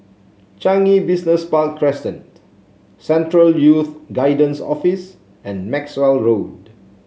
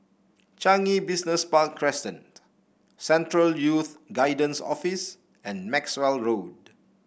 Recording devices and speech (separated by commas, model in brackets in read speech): mobile phone (Samsung C7), boundary microphone (BM630), read sentence